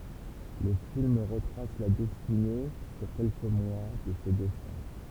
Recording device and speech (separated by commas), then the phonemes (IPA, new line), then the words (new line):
temple vibration pickup, read sentence
lə film ʁətʁas la dɛstine syʁ kɛlkə mwa də se dø fʁɛʁ
Le film retrace la destinée, sur quelques mois, de ces deux frères.